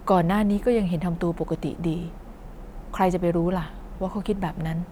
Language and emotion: Thai, neutral